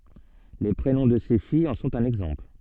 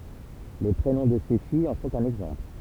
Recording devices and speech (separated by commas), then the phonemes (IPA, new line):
soft in-ear microphone, temple vibration pickup, read sentence
le pʁenɔ̃ də se fijz ɑ̃ sɔ̃t œ̃n ɛɡzɑ̃pl